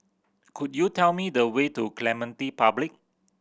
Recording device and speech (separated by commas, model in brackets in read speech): boundary microphone (BM630), read sentence